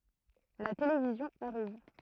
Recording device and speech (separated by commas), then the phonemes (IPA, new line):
throat microphone, read sentence
la televizjɔ̃ aʁiv